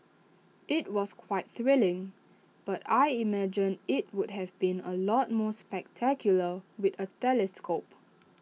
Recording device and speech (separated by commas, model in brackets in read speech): mobile phone (iPhone 6), read sentence